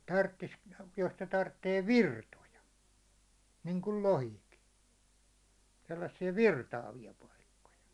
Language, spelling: Finnish, - jos ne tarvitsee virtoja niin kuin lohikin sellaisia virtaavia paikkoja
- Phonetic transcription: 'tarttis- , jos ne 'tarttee "virtoja , niŋkul "lohiki , 'sellassi₍a "virtaavi₍a paikkoja .

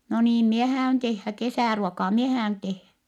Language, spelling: Finnish, no niin minä häädyn tehdä kesäruokaa minä häädyn tehdä
- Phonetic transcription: » no niim mie hää₍yn tehhä , kesä̀ruokaa mie hää₍yn tehhä .

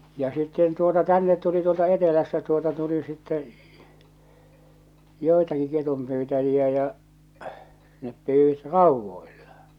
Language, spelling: Finnish, ja sitten tuota tänne tuli tuolta etelästä tuota tuli sitten joitakin ketunpyytäjiä ja ne pyysivät raudoilla
- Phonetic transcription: ja sitten tuota , "tännet tuli tuolta 'etelästä tuota tuli sittɛ "jòi̬taki 'ketumpyytäjiä ja , 'nep 'pyywit "ràuvvoillᴀ .

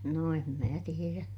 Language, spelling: Finnish, no en minä tiedä
- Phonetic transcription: no em mää tierä .

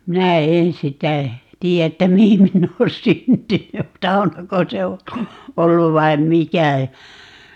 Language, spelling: Finnish, minä en sitä tiedä että mihin minä olen syntynyt saunako se on ollut vai mikä ja
- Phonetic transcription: 'minä "en 'sitä , "tii ‿että "mihin 'minn ‿oon "syntyny , 'saunako 'se o , "ollu 'vaim "mikä ja ,.

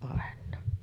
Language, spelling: Finnish, aina
- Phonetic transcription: àen̆naa .

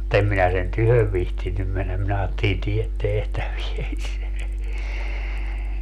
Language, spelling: Finnish, mutta en minä sen tykö viitsinyt mennä minä ajattelin tee tehtävääsi
- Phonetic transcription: mu't ‿em minä sen "tyhöv 'vihtinnym mennäm minä aattelin 'tiet 'tehtävies .

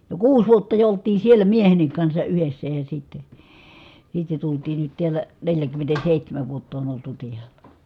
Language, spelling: Finnish, jo kuusi vuotta jo oltiin siellä miehenkin kanssa yhdessä ja sitten sitten tultiin nyt täällä neljäkymmentäseitsemän vuotta on oltu täällä
- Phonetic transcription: jo kuus vuotta jo olt̆tiin̬ siellä miehennik kansa ʼyhessä ja sitte , sitte tultii nyt tiälä , neljäkymmentäsei(h)tämäv vuotta on oltu tiälä .

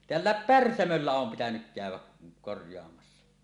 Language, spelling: Finnish, täällä Pärsämöllä on pitänyt käydä korjaamassa
- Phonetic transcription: teällä̀ep "Pärsämöllä om pitänyk 'kä̀yw̆wä , korj̀oamassa .

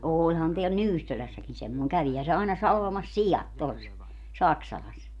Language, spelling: Finnish, olihan täällä Nyyssölässäkin semmoinen kävihän se aina salvamassa siat tuossa Saksalassa
- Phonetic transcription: 'ooĺhan teäl "Nyyssölässäkin semmoeŋ - 'kävihä se aina 'salvamas "sijat tos , 'Saksalas .

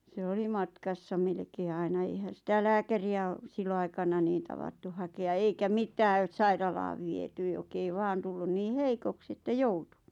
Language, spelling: Finnish, se oli matkassa melkein aina eihän sitä lääkäriä - silloinaikana niin tavattu hakea eikä mitään sairaalaan viety joka ei vain tullut niin heikoksi että joutui
- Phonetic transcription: se 'oli "matkassa melᵉkee 'aina 'eihän̬ sitä 'lääkäri₍ä o- , 'sillo₍aikana niin 'tavattu hakea 'eikä "mitää "sairalaav viety 'jok ‿ei 'vaan tullun 'nii "heikoks ‿että "joutu .

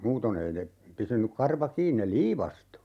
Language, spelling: Finnish, muuten ei ne pysynyt karva kiinni ne liivastui
- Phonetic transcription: 'muuton ‿ei ne , 'pysynyk 'karva "kiin ne "liivastu .

